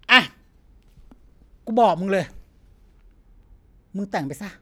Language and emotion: Thai, frustrated